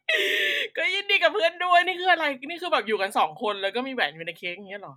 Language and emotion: Thai, happy